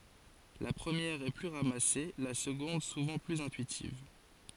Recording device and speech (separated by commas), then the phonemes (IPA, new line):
forehead accelerometer, read sentence
la pʁəmjɛʁ ɛ ply ʁamase la səɡɔ̃d suvɑ̃ plyz ɛ̃tyitiv